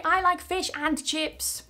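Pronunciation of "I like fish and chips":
This saying of 'I like fish and chips' is unnatural and sounds really strange: the words are not weakened, and 'and' is not said weakly.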